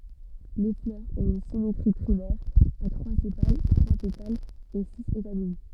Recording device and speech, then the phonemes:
soft in-ear microphone, read sentence
le flœʁz ɔ̃t yn simetʁi tʁimɛʁ a tʁwa sepal tʁwa petalz e siz etamin

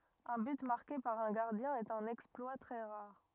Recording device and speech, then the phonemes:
rigid in-ear microphone, read sentence
œ̃ byt maʁke paʁ œ̃ ɡaʁdjɛ̃ ɛt œ̃n ɛksplwa tʁɛ ʁaʁ

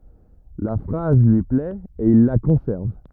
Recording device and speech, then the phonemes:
rigid in-ear microphone, read sentence
la fʁaz lyi plɛt e il la kɔ̃sɛʁv

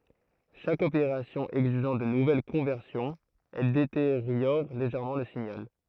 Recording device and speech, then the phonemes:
throat microphone, read sentence
ʃak opeʁasjɔ̃ ɛɡziʒɑ̃ də nuvɛl kɔ̃vɛʁsjɔ̃z ɛl deteʁjɔʁ leʒɛʁmɑ̃ lə siɲal

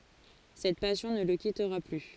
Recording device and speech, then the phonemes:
forehead accelerometer, read sentence
sɛt pasjɔ̃ nə lə kitʁa ply

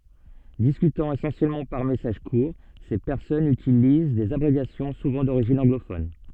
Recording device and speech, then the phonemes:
soft in-ear microphone, read sentence
diskytɑ̃ esɑ̃sjɛlmɑ̃ paʁ mɛsaʒ kuʁ se pɛʁsɔnz ytiliz dez abʁevjasjɔ̃ suvɑ̃ doʁiʒin ɑ̃ɡlofɔn

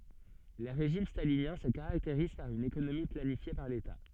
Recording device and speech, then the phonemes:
soft in-ear microphone, read sentence
le ʁeʒim stalinjɛ̃ sə kaʁakteʁiz paʁ yn ekonomi planifje paʁ leta

